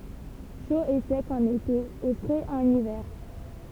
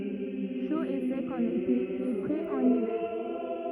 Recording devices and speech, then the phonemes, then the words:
temple vibration pickup, rigid in-ear microphone, read sentence
ʃo e sɛk ɑ̃n ete e fʁɛz ɑ̃n ivɛʁ
Chaud et sec en été et frais en hiver.

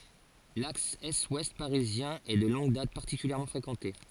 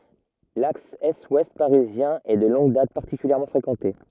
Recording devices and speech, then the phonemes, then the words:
forehead accelerometer, rigid in-ear microphone, read sentence
laks ɛstwɛst paʁizjɛ̃ ɛ də lɔ̃ɡ dat paʁtikyljɛʁmɑ̃ fʁekɑ̃te
L'axe est-ouest parisien est de longue date particulièrement fréquenté.

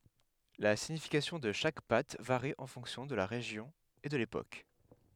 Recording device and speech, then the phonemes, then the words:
headset microphone, read sentence
la siɲifikasjɔ̃ də ʃak pat vaʁi ɑ̃ fɔ̃ksjɔ̃ də la ʁeʒjɔ̃ e də lepok
La signification de chaque patte varie en fonction de la région et de l'époque.

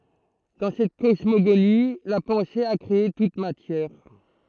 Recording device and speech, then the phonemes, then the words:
throat microphone, read sentence
dɑ̃ sɛt kɔsmoɡoni la pɑ̃se a kʁee tut matjɛʁ
Dans cette cosmogonie, la pensée a créé toute matière.

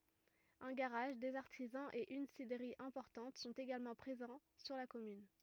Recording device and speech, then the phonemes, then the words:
rigid in-ear microphone, read sentence
œ̃ ɡaʁaʒ dez aʁtizɑ̃z e yn sidʁəʁi ɛ̃pɔʁtɑ̃t sɔ̃t eɡalmɑ̃ pʁezɑ̃ syʁ la kɔmyn
Un garage, des artisans et une cidrerie importante sont également présents sur la commune.

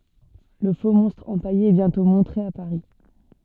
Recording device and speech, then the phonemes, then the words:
soft in-ear microphone, read sentence
lə foksmɔ̃stʁ ɑ̃paje ɛ bjɛ̃tɔ̃ mɔ̃tʁe a paʁi
Le faux-monstre empaillé est bientôt montré à Paris.

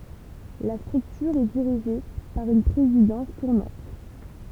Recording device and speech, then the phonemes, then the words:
temple vibration pickup, read sentence
la stʁyktyʁ ɛ diʁiʒe paʁ yn pʁezidɑ̃s tuʁnɑ̃t
La structure est dirigée par une présidence tournante.

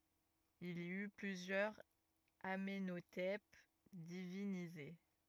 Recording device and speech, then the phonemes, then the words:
rigid in-ear microphone, read sentence
il i y plyzjœʁz amɑ̃notɛp divinize
Il y eut plusieurs Amenhotep divinisés.

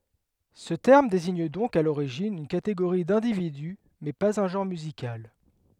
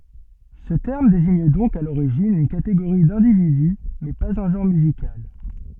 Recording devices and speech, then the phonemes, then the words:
headset microphone, soft in-ear microphone, read sentence
sə tɛʁm deziɲ dɔ̃k a loʁiʒin yn kateɡoʁi dɛ̃dividy mɛ paz œ̃ ʒɑ̃ʁ myzikal
Ce terme désigne donc à l'origine une catégorie d'individu mais pas un genre musical.

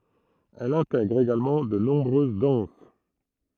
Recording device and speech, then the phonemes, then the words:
throat microphone, read sentence
ɛl ɛ̃tɛɡʁ eɡalmɑ̃ də nɔ̃bʁøz dɑ̃s
Elle intègre également de nombreuses danses.

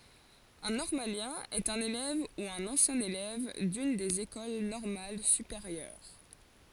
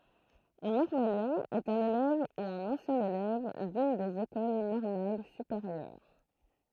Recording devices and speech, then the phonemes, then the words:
forehead accelerometer, throat microphone, read sentence
œ̃ nɔʁmaljɛ̃ ɛt œ̃n elɛv u œ̃n ɑ̃sjɛ̃ elɛv dyn dez ekol nɔʁmal sypeʁjœʁ
Un normalien est un élève ou un ancien élève d'une des écoles normales supérieures.

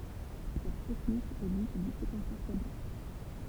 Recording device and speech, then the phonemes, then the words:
temple vibration pickup, read sentence
sɛt tɛknik ɛ dit dy sekɑ̃sœʁ kable
Cette technique est dite du séquenceur câblé.

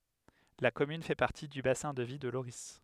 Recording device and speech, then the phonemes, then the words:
headset microphone, read sentence
la kɔmyn fɛ paʁti dy basɛ̃ də vi də loʁi
La commune fait partie du bassin de vie de Lorris.

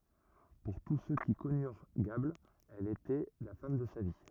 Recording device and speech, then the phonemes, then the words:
rigid in-ear microphone, read sentence
puʁ tus sø ki kɔnyʁ ɡabl ɛl etɛ la fam də sa vi
Pour tous ceux qui connurent Gable, elle était la femme de sa vie.

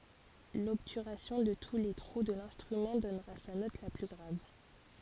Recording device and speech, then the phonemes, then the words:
forehead accelerometer, read sentence
lɔbtyʁasjɔ̃ də tu le tʁu də lɛ̃stʁymɑ̃ dɔnʁa sa nɔt la ply ɡʁav
L'obturation de tous les trous de l'instrument donnera sa note la plus grave.

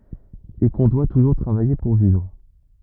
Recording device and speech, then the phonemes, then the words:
rigid in-ear microphone, read sentence
e kɔ̃ dwa tuʒuʁ tʁavaje puʁ vivʁ
Et qu'on doit toujours travailler pour vivre.

